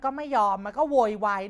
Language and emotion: Thai, frustrated